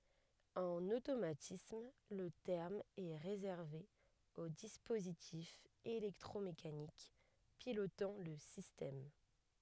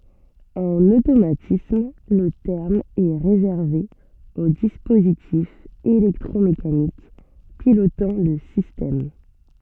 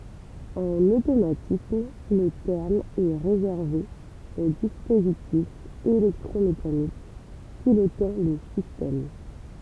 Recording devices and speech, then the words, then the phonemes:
headset microphone, soft in-ear microphone, temple vibration pickup, read sentence
En automatisme le terme est réservé aux dispositifs électromécaniques pilotant le système.
ɑ̃n otomatism lə tɛʁm ɛ ʁezɛʁve o dispozitifz elɛktʁomekanik pilotɑ̃ lə sistɛm

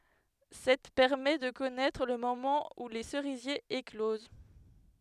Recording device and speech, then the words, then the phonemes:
headset microphone, read sentence
Cette permet de connaître le moment où les cerisiers éclosent.
sɛt pɛʁmɛ də kɔnɛtʁ lə momɑ̃ u le səʁizjez ekloz

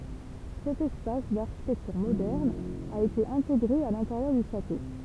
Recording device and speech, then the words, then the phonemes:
temple vibration pickup, read sentence
Cet espace, d'architecture moderne, a été intégré à l'intérieur du château.
sɛt ɛspas daʁʃitɛktyʁ modɛʁn a ete ɛ̃teɡʁe a lɛ̃teʁjœʁ dy ʃato

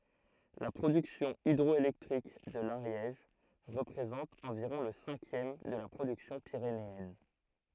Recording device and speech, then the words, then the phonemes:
throat microphone, read sentence
La production hydroélectrique de l'Ariège représente environ le cinquième de la production pyrénéenne.
la pʁodyksjɔ̃ idʁɔelɛktʁik də laʁjɛʒ ʁəpʁezɑ̃t ɑ̃viʁɔ̃ lə sɛ̃kjɛm də la pʁodyksjɔ̃ piʁeneɛn

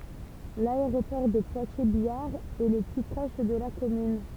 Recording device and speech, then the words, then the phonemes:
temple vibration pickup, read sentence
L'aéroport de Poitiers-Biard est le plus proche de la commune.
laeʁopɔʁ də pwatjɛʁzbjaʁ ɛ lə ply pʁɔʃ də la kɔmyn

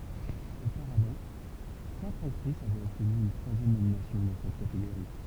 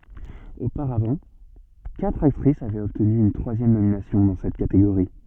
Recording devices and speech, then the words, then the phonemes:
temple vibration pickup, soft in-ear microphone, read sentence
Auparavant, quatre actrice avaient obtenu une troisième nomination dans cette catégorie.
opaʁavɑ̃ katʁ aktʁis avɛt ɔbtny yn tʁwazjɛm nominasjɔ̃ dɑ̃ sɛt kateɡoʁi

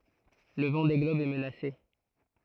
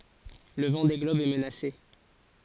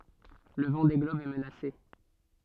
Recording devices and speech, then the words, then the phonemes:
throat microphone, forehead accelerometer, soft in-ear microphone, read sentence
Le Vendée globe est menacé.
lə vɑ̃de ɡlɔb ɛ mənase

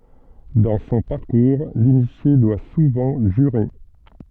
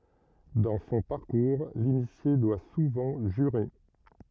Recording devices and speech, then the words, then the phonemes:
soft in-ear microphone, rigid in-ear microphone, read sentence
Dans son parcours, l'initié doit souvent jurer.
dɑ̃ sɔ̃ paʁkuʁ linisje dwa suvɑ̃ ʒyʁe

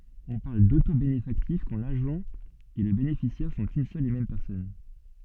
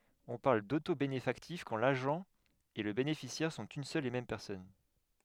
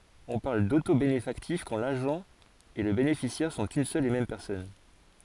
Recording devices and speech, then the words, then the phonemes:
soft in-ear microphone, headset microphone, forehead accelerometer, read sentence
On parle d'autobénéfactif quand l'agent et le bénéficiaire sont une seule et même personne.
ɔ̃ paʁl dotobenefaktif kɑ̃ laʒɑ̃ e lə benefisjɛʁ sɔ̃t yn sœl e mɛm pɛʁsɔn

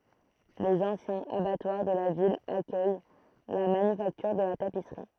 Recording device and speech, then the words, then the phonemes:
throat microphone, read sentence
Les anciens abattoirs de la ville accueillent la manufacture de la tapisserie.
lez ɑ̃sjɛ̃z abatwaʁ də la vil akœj la manyfaktyʁ də la tapisʁi

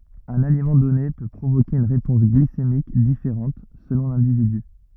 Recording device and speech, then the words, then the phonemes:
rigid in-ear microphone, read sentence
Un aliment donné peut provoquer une réponse glycémique différente selon l’individu.
œ̃n alimɑ̃ dɔne pø pʁovoke yn ʁepɔ̃s ɡlisemik difeʁɑ̃t səlɔ̃ lɛ̃dividy

